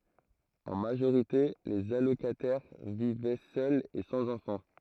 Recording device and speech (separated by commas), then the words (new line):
throat microphone, read sentence
En majorité, les allocataires vivaient seuls et sans enfants.